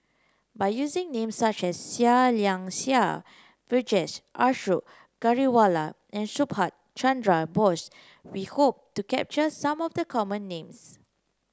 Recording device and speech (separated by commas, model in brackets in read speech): close-talking microphone (WH30), read sentence